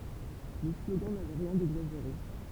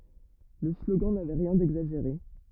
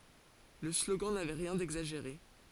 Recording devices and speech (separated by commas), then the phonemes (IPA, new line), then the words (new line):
temple vibration pickup, rigid in-ear microphone, forehead accelerometer, read sentence
lə sloɡɑ̃ navɛ ʁjɛ̃ dɛɡzaʒeʁe
Le slogan n'avait rien d'exagéré.